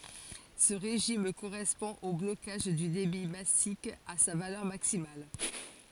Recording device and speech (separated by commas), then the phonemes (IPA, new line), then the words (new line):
forehead accelerometer, read sentence
sə ʁeʒim koʁɛspɔ̃ o blokaʒ dy debi masik a sa valœʁ maksimal
Ce régime correspond au blocage du débit massique à sa valeur maximale.